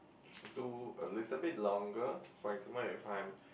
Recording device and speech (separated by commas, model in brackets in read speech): boundary microphone, conversation in the same room